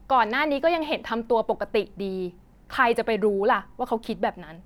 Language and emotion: Thai, frustrated